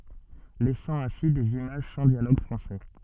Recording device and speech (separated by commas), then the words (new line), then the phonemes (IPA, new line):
soft in-ear microphone, read sentence
Laissant ainsi des images sans dialogue français.
lɛsɑ̃ ɛ̃si dez imaʒ sɑ̃ djaloɡ fʁɑ̃sɛ